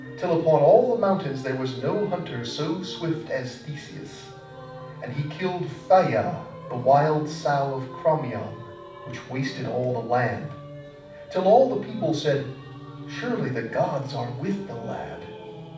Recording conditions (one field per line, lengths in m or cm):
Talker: one person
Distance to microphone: 5.8 m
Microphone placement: far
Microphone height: 1.8 m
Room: medium-sized (5.7 m by 4.0 m)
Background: music